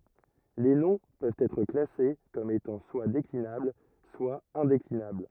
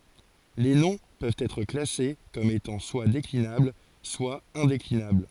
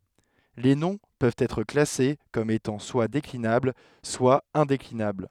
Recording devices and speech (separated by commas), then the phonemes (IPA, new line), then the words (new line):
rigid in-ear microphone, forehead accelerometer, headset microphone, read sentence
le nɔ̃ pøvt ɛtʁ klase kɔm etɑ̃ swa deklinabl swa ɛ̃deklinabl
Les noms peuvent être classés comme étant soit déclinables soit indéclinables.